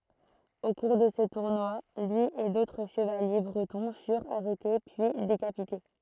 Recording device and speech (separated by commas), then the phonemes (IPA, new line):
throat microphone, read sentence
o kuʁ də sə tuʁnwa lyi e dotʁ ʃəvalje bʁətɔ̃ fyʁt aʁɛte pyi dekapite